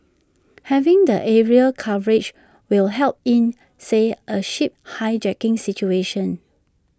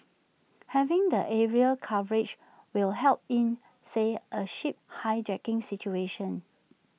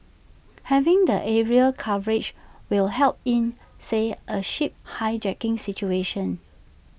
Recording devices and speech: standing microphone (AKG C214), mobile phone (iPhone 6), boundary microphone (BM630), read sentence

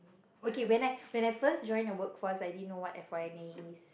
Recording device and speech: boundary microphone, conversation in the same room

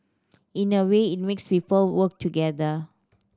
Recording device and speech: standing microphone (AKG C214), read sentence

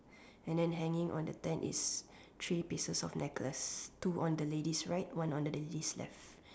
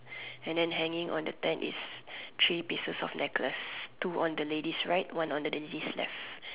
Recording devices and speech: standing microphone, telephone, conversation in separate rooms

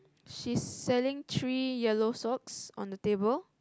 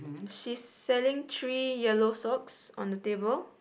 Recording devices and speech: close-talking microphone, boundary microphone, conversation in the same room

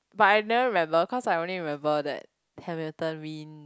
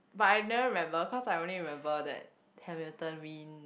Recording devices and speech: close-talking microphone, boundary microphone, conversation in the same room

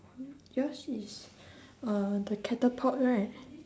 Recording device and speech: standing microphone, conversation in separate rooms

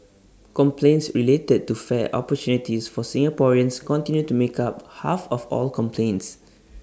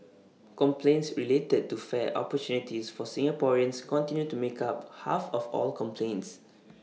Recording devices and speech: standing microphone (AKG C214), mobile phone (iPhone 6), read sentence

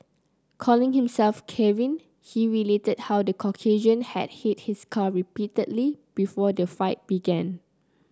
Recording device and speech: close-talking microphone (WH30), read sentence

